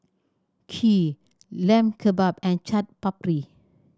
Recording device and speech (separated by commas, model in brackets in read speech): standing microphone (AKG C214), read sentence